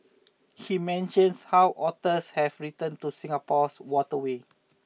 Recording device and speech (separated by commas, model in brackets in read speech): mobile phone (iPhone 6), read sentence